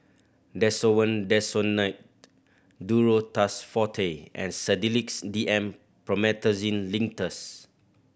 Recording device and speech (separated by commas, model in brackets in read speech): boundary microphone (BM630), read sentence